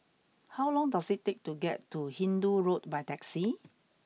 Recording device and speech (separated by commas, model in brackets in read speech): mobile phone (iPhone 6), read sentence